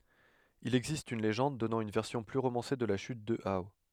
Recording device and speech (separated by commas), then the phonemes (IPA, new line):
headset microphone, read sentence
il ɛɡzist yn leʒɑ̃d dɔnɑ̃ yn vɛʁsjɔ̃ ply ʁomɑ̃se də la ʃyt də ao